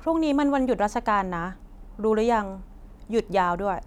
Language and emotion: Thai, neutral